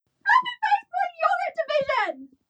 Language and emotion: English, disgusted